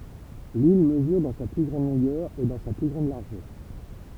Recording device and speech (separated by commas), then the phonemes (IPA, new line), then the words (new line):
temple vibration pickup, read sentence
lil məzyʁ dɑ̃ sa ply ɡʁɑ̃d lɔ̃ɡœʁ e dɑ̃ sa ply ɡʁɑ̃d laʁʒœʁ
L'île mesure dans sa plus grande longueur et dans sa plus grande largeur.